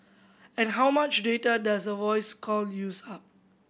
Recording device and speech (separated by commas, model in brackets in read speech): boundary microphone (BM630), read sentence